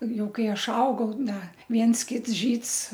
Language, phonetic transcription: Lithuanian, ˈjau ˈkai ˈaš ˈaugau ˈda ˈviens ˈkits ˈžyds

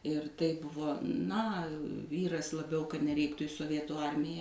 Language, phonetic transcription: Lithuanian, ir tai ˈbuvo ˈna ˈvyras laˈbiau kad neˈreiktu i soˈvietų ˈarmija

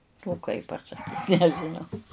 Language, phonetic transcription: Lithuanian, o kai pasaˈkyt nežiˈnau

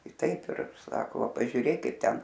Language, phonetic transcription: Lithuanian, i ˈtaip ir ˈsako ˈva pažiuˈrėk ˈkaip ˈten

